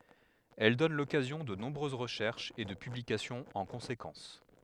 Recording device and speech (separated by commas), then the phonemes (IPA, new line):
headset microphone, read sentence
ɛl dɔn lɔkazjɔ̃ də nɔ̃bʁøz ʁəʃɛʁʃz e də pyblikasjɔ̃z ɑ̃ kɔ̃sekɑ̃s